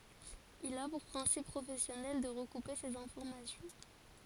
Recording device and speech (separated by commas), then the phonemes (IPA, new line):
forehead accelerometer, read sentence
il a puʁ pʁɛ̃sip pʁofɛsjɔnɛl də ʁəkupe sez ɛ̃fɔʁmasjɔ̃